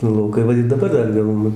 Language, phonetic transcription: Lithuanian, nu lauˈkai ˈva ir daˈbar ˈdar ˈjau ˈnu

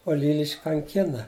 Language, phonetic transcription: Lithuanian, o ˈlylišk' kanˈkina

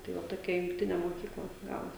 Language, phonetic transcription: Lithuanian, tai ˈva toˈkia jungˈtinė moˈkykla ˈgavos

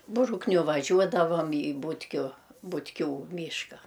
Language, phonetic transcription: Lithuanian, ˈbrukniu vaˈžiuodavam į ˈbūtkiu butˈkių ˈmyška

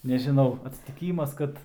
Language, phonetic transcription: Lithuanian, nežiˈnau atsitiˈkymas ˈkad

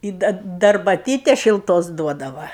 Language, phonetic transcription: Lithuanian, i ˈda da arbaˈtytes šilˈtos ˈduodava

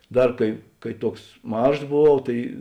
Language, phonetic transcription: Lithuanian, ˈdar kai ˈkai ˈtuoks ˈmažs boˈvau ˈtai

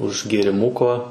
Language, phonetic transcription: Lithuanian, už gėriˈmuko

